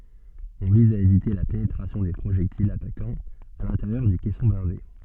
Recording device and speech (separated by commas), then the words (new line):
soft in-ear microphone, read sentence
On vise à éviter la pénétration des projectiles attaquants à l’intérieur du caisson blindé.